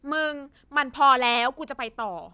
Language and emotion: Thai, frustrated